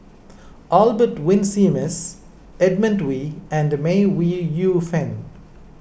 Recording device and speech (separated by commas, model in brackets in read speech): boundary microphone (BM630), read sentence